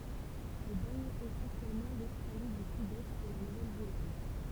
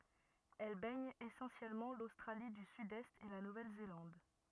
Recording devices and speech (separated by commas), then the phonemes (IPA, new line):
temple vibration pickup, rigid in-ear microphone, read sentence
ɛl bɛɲ esɑ̃sjɛlmɑ̃ lostʁali dy sydɛst e la nuvɛl zelɑ̃d